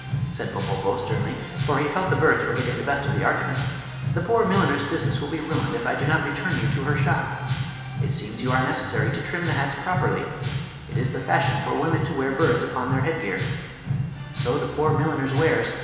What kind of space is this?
A large, echoing room.